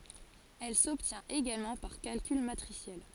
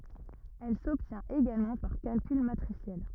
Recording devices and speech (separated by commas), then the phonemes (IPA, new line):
forehead accelerometer, rigid in-ear microphone, read sentence
ɛl sɔbtjɛ̃t eɡalmɑ̃ paʁ kalkyl matʁisjɛl